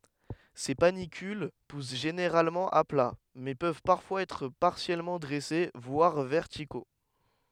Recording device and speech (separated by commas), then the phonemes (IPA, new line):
headset microphone, read sentence
se panikyl pus ʒeneʁalmɑ̃ a pla mɛ pøv paʁfwaz ɛtʁ paʁsjɛlmɑ̃ dʁɛse vwaʁ vɛʁtiko